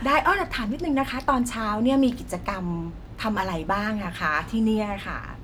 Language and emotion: Thai, happy